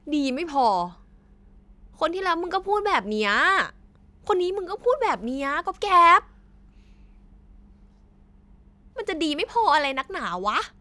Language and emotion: Thai, frustrated